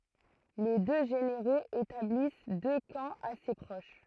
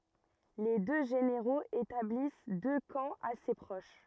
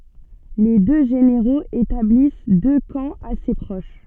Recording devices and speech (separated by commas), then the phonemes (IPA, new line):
throat microphone, rigid in-ear microphone, soft in-ear microphone, read sentence
le dø ʒeneʁoz etablis dø kɑ̃ ase pʁoʃ